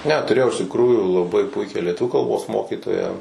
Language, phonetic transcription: Lithuanian, ne tuˈrėjau iš tikˈrųjų laˈbai ˈpuikią lieˈtuvių kalˈbos ˈmokytoją

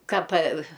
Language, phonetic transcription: Lithuanian, ˈką pa

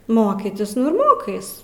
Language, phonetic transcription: Lithuanian, ˈmokytis nu ir ˈmokais

